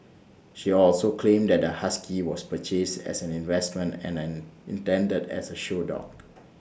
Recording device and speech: standing microphone (AKG C214), read sentence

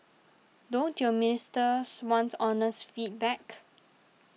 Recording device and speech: mobile phone (iPhone 6), read sentence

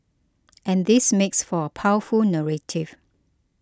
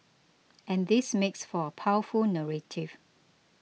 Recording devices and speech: close-talking microphone (WH20), mobile phone (iPhone 6), read sentence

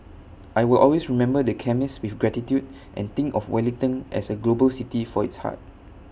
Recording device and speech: boundary microphone (BM630), read sentence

